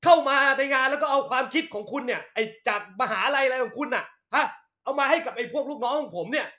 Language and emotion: Thai, angry